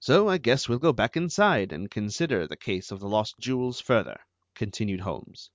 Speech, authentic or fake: authentic